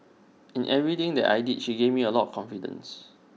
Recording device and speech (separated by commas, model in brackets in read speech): mobile phone (iPhone 6), read sentence